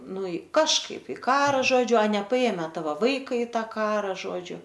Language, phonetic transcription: Lithuanian, ˈnu i kažˈkaip i ˈkara ˈžodžiu a nepaˈėme ˈtavo ˈvaika i ˈtą ˈkara ˈžodžiu

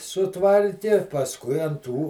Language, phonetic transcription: Lithuanian, suˈtvarki pasˈkui an ˈtų

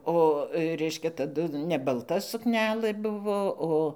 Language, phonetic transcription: Lithuanian, o ˈreiškia taˈdu ne balˈta sukˈnelɘ ˈbuvo ˈo

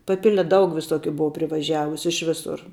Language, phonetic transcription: Lithuanian, paˈpile ˈdaug viˈsokiu ˈbuvo privaˈžiavusiu iš ˈvisur

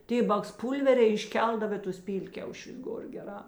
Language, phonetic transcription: Lithuanian, ˈtė baksˈpūlveriai išˈkeldav ė ˈtus ˈpylkiaušius ˈgor geˈrā

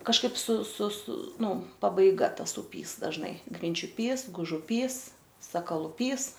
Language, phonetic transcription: Lithuanian, kažˈkaip su su su ˈnu pabaiˈga ˈtas uˈpys dažˈnai grinčiuˈpys gužuˈpys sakaluˈpys

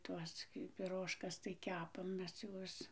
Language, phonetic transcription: Lithuanian, ˈtuos gi piˈrožkas tai ˈkepam ˈmes ˈjuos

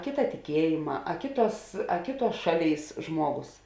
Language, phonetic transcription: Lithuanian, ˈkėta tiˈkiejėma a ˈkėˌtuos a ˈkėˌtuos ˈšaˌlėis ˈžmuoˌgos

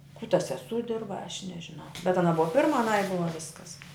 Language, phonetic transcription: Lithuanian, kū ta seˈsū ˈdirba aš nežiˈnau bet aˈna ˈbua ˈpirma aˈnai ˈbuva ˈviskas

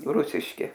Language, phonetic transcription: Lithuanian, ˈrusiški

